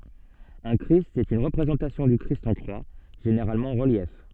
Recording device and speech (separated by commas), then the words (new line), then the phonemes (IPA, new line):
soft in-ear microphone, read sentence
Un christ est une représentation du Christ en croix, généralement en relief.
œ̃ kʁist ɛt yn ʁəpʁezɑ̃tasjɔ̃ dy kʁist ɑ̃ kʁwa ʒeneʁalmɑ̃ ɑ̃ ʁəljɛf